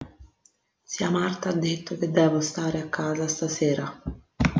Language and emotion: Italian, neutral